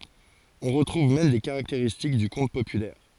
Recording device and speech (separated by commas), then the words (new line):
forehead accelerometer, read sentence
On retrouve même des caractéristiques du conte populaire.